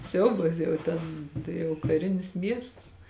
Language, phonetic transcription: Lithuanian, ˈsiaubas jau ˈten tai jau kaˈrinis ˈmiests

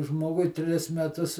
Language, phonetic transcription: Lithuanian, ˈžmogui ˈtris meˈtus

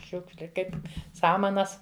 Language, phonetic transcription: Lithuanian, ˈšiukšli ˈkaip ˈsamanas

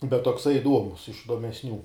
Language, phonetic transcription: Lithuanian, bet tokˈsai iˈduomus iš idomesˈnių

